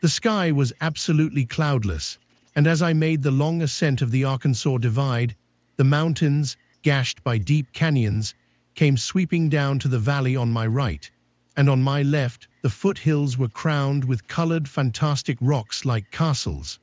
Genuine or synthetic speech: synthetic